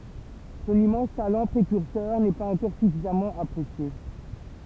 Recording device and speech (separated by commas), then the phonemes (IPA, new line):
temple vibration pickup, read sentence
sɔ̃n immɑ̃s talɑ̃ pʁekyʁsœʁ nɛ paz ɑ̃kɔʁ syfizamɑ̃ apʁesje